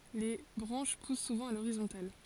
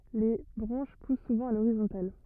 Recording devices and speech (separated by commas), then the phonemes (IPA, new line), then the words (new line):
forehead accelerometer, rigid in-ear microphone, read sentence
le bʁɑ̃ʃ pus suvɑ̃ a loʁizɔ̃tal
Les branches poussent souvent à l’horizontale.